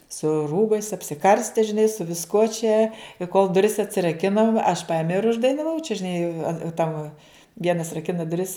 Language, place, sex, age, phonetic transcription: Lithuanian, Žemaitija, female, 60+, su ˈrūbais apsiˈkarste žiˈnai su visˈkuo čia i kol duˈris atsiraˈkinom aš ˈpaimiau ir uždainaˈvau čia žiˈnai an tam ˈvienas raˈkina duˈris

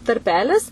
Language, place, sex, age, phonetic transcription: Lithuanian, Suvalkija, female, 18-60, tarˈpelis

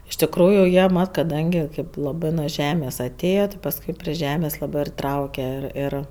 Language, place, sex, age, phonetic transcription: Lithuanian, Aukštaitija, female, 18-60, iš tikˈrųju ˈjie ˈmat kaˈdangi ˈkaip laˈbɜ nu ˈžemės aˈtėja ti pasˈkui pri ˈžemės ˈlabɜ ir ˈtrauke ir ˈir

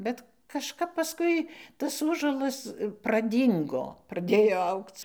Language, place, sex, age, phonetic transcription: Lithuanian, Dzūkija, female, 60+, bet kažˈkap paˈskui tas ˈųžuolas praˈdyngo praˈdėjo ˈaugc

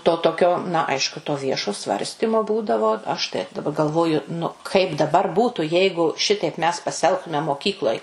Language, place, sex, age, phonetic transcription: Lithuanian, Suvalkija, female, 60+, to toˈkio na ˈaišku to ˈviešo ˈsvarstimo ˈbūdavo ˈaš tai daˈba galˈvoju nu ˈkaip daˈbar ˈbūtu ˈjeigu ˈšitaip mes pasiˈelgtume moˈkykloj

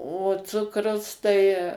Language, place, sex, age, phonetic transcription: Lithuanian, Suvalkija, female, 60+, o ˈcukrus tai

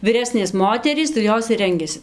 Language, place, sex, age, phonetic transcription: Lithuanian, Dzūkija, female, 18-60, viˈresnės ˈmoterys tai ˈjos ir ˈrengiasi

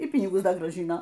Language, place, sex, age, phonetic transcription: Lithuanian, Aukštaitija, female, 60+, y ˈpynigus ˈda grąˈžino

